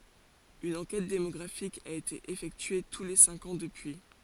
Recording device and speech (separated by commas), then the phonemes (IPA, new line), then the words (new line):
forehead accelerometer, read sentence
yn ɑ̃kɛt demɔɡʁafik a ete efɛktye tu le sɛ̃k ɑ̃ dəpyi
Une enquête démographique a été effectuée tous les cinq ans depuis.